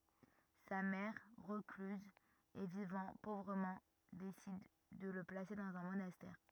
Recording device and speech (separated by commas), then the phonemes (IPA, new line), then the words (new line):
rigid in-ear microphone, read sentence
sa mɛʁ ʁəklyz e vivɑ̃ povʁəmɑ̃ desid də lə plase dɑ̃z œ̃ monastɛʁ
Sa mère, recluse et vivant pauvrement, décide de le placer dans un monastère.